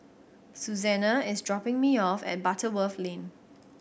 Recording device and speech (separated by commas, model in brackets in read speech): boundary microphone (BM630), read sentence